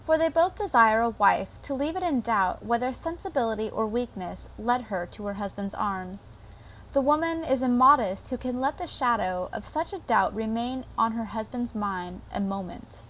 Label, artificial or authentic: authentic